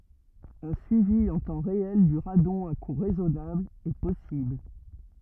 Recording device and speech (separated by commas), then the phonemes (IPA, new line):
rigid in-ear microphone, read sentence
œ̃ syivi ɑ̃ tɑ̃ ʁeɛl dy ʁadɔ̃ a ku ʁɛzɔnabl ɛ pɔsibl